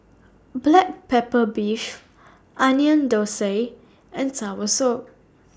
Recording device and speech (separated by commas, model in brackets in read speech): standing microphone (AKG C214), read sentence